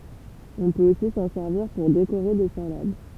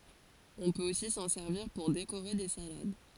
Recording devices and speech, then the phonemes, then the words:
temple vibration pickup, forehead accelerometer, read sentence
ɔ̃ pøt osi sɑ̃ sɛʁviʁ puʁ dekoʁe de salad
On peut aussi s'en servir pour décorer des salades.

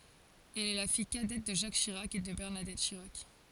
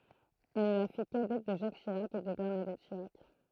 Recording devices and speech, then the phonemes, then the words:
forehead accelerometer, throat microphone, read sentence
ɛl ɛ la fij kadɛt də ʒak ʃiʁak e də bɛʁnadɛt ʃiʁak
Elle est la fille cadette de Jacques Chirac et de Bernadette Chirac.

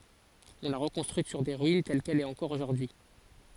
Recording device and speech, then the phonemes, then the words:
forehead accelerometer, read sentence
ɔ̃ la ʁəkɔ̃stʁyit syʁ se ʁyin tɛl kɛl ɛt ɑ̃kɔʁ oʒuʁdyi
On l'a reconstruite sur ses ruines, telle qu'elle est encore aujourd'hui.

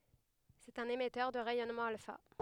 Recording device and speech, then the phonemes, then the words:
headset microphone, read sentence
sɛt œ̃n emɛtœʁ də ʁɛjɔnmɑ̃ alfa
C’est un émetteur de rayonnement alpha.

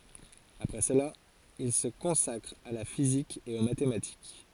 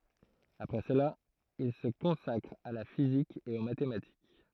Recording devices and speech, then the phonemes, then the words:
forehead accelerometer, throat microphone, read sentence
apʁɛ səla il sə kɔ̃sakʁ a la fizik e o matematik
Après cela, il se consacre à la physique et aux mathématiques.

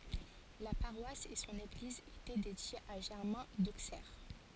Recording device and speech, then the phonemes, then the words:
forehead accelerometer, read sentence
la paʁwas e sɔ̃n eɡliz etɛ dedjez a ʒɛʁmɛ̃ doksɛʁ
La paroisse et son église étaient dédiées à Germain d'Auxerre.

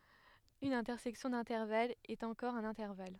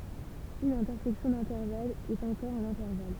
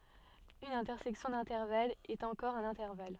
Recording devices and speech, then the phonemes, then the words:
headset microphone, temple vibration pickup, soft in-ear microphone, read sentence
yn ɛ̃tɛʁsɛksjɔ̃ dɛ̃tɛʁvalz ɛt ɑ̃kɔʁ œ̃n ɛ̃tɛʁval
Une intersection d'intervalles est encore un intervalle.

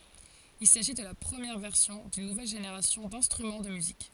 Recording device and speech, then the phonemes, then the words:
forehead accelerometer, read sentence
il saʒi də la pʁəmjɛʁ vɛʁsjɔ̃ dyn nuvɛl ʒeneʁasjɔ̃ dɛ̃stʁymɑ̃ də myzik
Il s'agit de la première version d'une nouvelle génération d'instruments de musique.

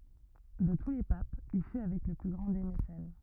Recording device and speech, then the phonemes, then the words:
rigid in-ear microphone, read sentence
də tu le papz il fy avɛk lə ply ɡʁɑ̃ de mesɛn
De tous les papes, il fut avec le plus grand des mécènes.

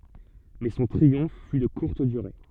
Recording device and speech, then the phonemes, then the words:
soft in-ear microphone, read sentence
mɛ sɔ̃ tʁiɔ̃f fy də kuʁt dyʁe
Mais son triomphe fut de courte durée.

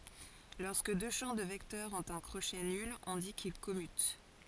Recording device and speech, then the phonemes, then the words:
forehead accelerometer, read sentence
lɔʁskə dø ʃɑ̃ də vɛktœʁz ɔ̃t œ̃ kʁoʃɛ nyl ɔ̃ di kil kɔmyt
Lorsque deux champs de vecteurs ont un crochet nul, on dit qu'ils commutent.

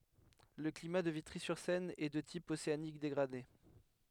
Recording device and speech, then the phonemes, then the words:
headset microphone, read sentence
lə klima də vitʁizyʁsɛn ɛ də tip oseanik deɡʁade
Le climat de Vitry-sur-Seine est de type océanique dégradé.

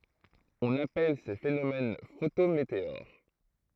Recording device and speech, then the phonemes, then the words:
throat microphone, read sentence
ɔ̃n apɛl se fenomɛn fotometeoʁ
On appelle ces phénomènes photométéores.

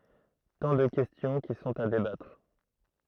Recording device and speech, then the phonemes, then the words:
throat microphone, read sentence
tɑ̃ də kɛstjɔ̃ ki sɔ̃t a debatʁ
Tant de questions qui sont à débattre.

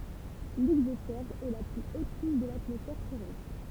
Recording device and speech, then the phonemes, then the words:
temple vibration pickup, read sentence
lɛɡzɔsfɛʁ ɛ la ply ot kuʃ də latmɔsfɛʁ tɛʁɛstʁ
L'exosphère est la plus haute couche de l'atmosphère terrestre.

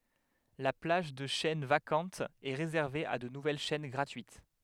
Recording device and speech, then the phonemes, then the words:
headset microphone, read sentence
la plaʒ də ʃɛn vakɑ̃tz ɛ ʁezɛʁve a də nuvɛl ʃɛn ɡʁatyit
La plage de chaînes vacantes est réservée à de nouvelles chaînes gratuites.

